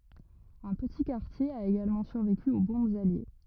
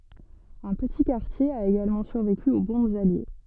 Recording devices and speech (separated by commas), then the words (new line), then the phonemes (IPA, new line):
rigid in-ear microphone, soft in-ear microphone, read sentence
Un petit quartier a également survécu aux bombes alliées.
œ̃ pəti kaʁtje a eɡalmɑ̃ syʁveky o bɔ̃bz alje